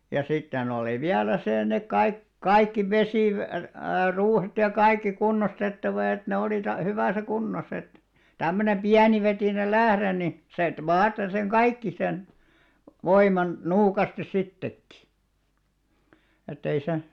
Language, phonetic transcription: Finnish, ja 'sitten ‿olì 'viälä 'sè nek kaik- , "kaikki 'vesìv- , 'ruuhet ja "kaikki 'kunnostettava et ne oli ta- , 'hyvä̀sä 'kunnos ‿et , tämmönem "piänivetìneĭ 'lähre ni , 'set "vaate seŋ "kaikki sen , 'voiman , 'nuukastis 'sittekki , ettei se ,.
- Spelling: ja sitten oli vielä se ne - kaikki - vesiruuhet ja kaikki kunnostettava että ne oli - hyvässä kunnossa että tämmöinen pienivetinen lähde niin sen vaati sen kaikki sen voiman nuukasti sittenkin että ei se

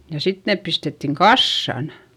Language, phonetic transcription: Finnish, ja sit neep pistettiŋ kassan .
- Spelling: ja sitten ne pistettiin kasaan

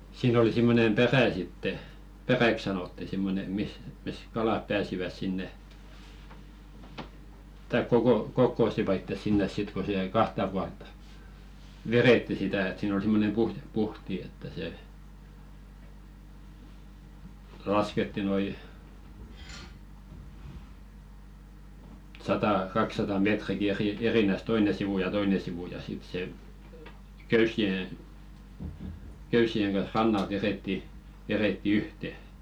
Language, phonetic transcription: Finnish, 'siin ‿oli simmonem "perä̀ sitte , "peräk sanotti 'simmone mis , mis "kalàp pääsiväs 'sinne , taik koko-"kokkòsiva ittes 'sinnes 'sit ko 'se jäi "kahta pualt̆ta , "verètti 'sitä et siin ‿ol 'simmonem 'puhje-"puhti että se , "lasketti noi , 'satà 'kaksata "metriki eri- erinäs 'toine sivù ja 'toine sivù ja sit se , "köys̆si₍e , 'köys̆si₍eŋ ɢan̬h "rannalt 'verètti , veretti "yhte .
- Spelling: siinä oli semmoinen perä sitten peräksi sanottiin semmoinen missä missä kalat pääsivät sinne tai kokosivat itsensä sinne sitten kun se jäi kahta puolta vedettiin sitä että siinä oli semmoinen puhti että se laskettiin noin sata kaksisataa metriäkin - erinään toinen sivu ja toinen sivu ja sitten se köysien köysien kanssa rannalta vedettiin vedettiin yhteen

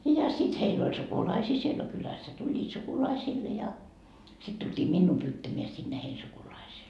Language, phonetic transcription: Finnish, ja sit 'heil ‿oĺ "sukulaisii siel no 'kylässä tuĺĺiit "sukulaisiille ja , sit tult́ii "minnuu 'pyyttämeä sinne hein 'sukulaisee .
- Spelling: ja sitten heillä oli sukulaisia siellä no kylässä tulivat sukulaisille ja sitten tultiin minua pyytämään sinne heidän sukulaiseen

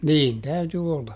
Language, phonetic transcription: Finnish, "niin ˈtäyty olla .
- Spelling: niin täytyi olla

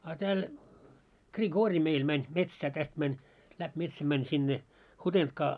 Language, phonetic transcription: Finnish, a 'tääl , Gri'goori meil mäń , 'metsää täst mäń , läp 'metsäm mäń 'sinne , "Hutentkaa .
- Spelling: a täällä Grigor meillä meni metsään tästä meni läpi metsän meni sinne Hutentkaan

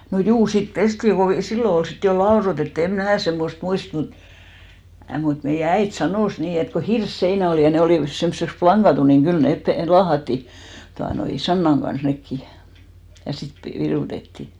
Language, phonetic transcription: Finnish, no 'juu , sit "pestiŋ ko 'sillo ol 'sit jo 'laorotettᵘ em "mnää semmost 'muist mu- , mut meijä "äit 'sanòs 'nii et , ko "hirs'seinä olì ja 'ne olìvas semsseks 'plaŋɢatu niŋ 'ɢyl 'nèp 'pe- , 'laahatti , tuanoi , "sannaŋ ɢans 'nekki , ja 'sit pe- , 'virùtetti .
- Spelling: no juu sitten pestiin kun silloin oli sitten jo laudoitettu en minä semmoista muista - mutta meidän äiti sanoi niin että kun hirsiseinä oli ja ne olivat semmoiseksi lankatut niin kyllä ne - laahattiin tuota noin sannan kanssa nekin ja sitten - virutettiin

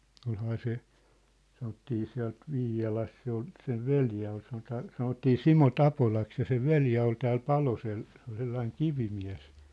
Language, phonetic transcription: Finnish, 'olhaa se , 'sanottii 'siä̭lt 'Vii₍alas se ‿ol , 'sen̳ "veljä ol sanotaa , 'sanottii "Simo "Tapolaks ja sev "veljä ol tääl "Palosel , se ‿ol 'sellaiŋ "kivimiä̭s .
- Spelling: olihan se sanottiin sieltä Viialasta se oli sen veli oli sanotaan sanottiin Simo Tapolaksi ja sen veli oli täällä Palosella se oli sellainen kivimies

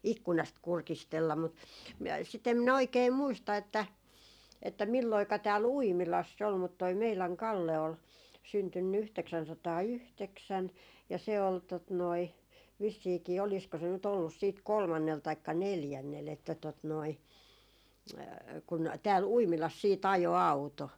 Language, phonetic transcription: Finnish, 'ikkunast "kurkistella » mut , m- , sit ‿em minä "oikee 'muista että , että 'milloika 'tääl "Uimilass ‿ol mut toi 'meiläŋ 'Kalle ol , syntynny 'yhteksänsataa"yhteksän ja se ol , tot noi , vissiikii 'olisko se nyt ‿ollus siit "kolmannel taikka "neljännel että tot noi , kun 'tääl "Uimilas siit ‿ajo "auto .
- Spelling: ikkunasta kurkistella mutta - sitä en minä oikein muista että että milloinka täällä Uimilassa oli mutta tuo meidän Kalle oli syntynyt yhdeksänsataayhdeksän ja se oli tuota noin vissiinkin olisiko se nyt ollut sitten kolmannella taikka neljännellä että tuota noin kun täällä Uimilassa sitten ajoi auto

